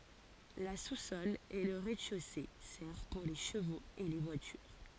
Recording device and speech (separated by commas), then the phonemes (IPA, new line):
forehead accelerometer, read sentence
la susɔl e lə ʁɛzdɛʃose sɛʁv puʁ le ʃəvoz e le vwatyʁ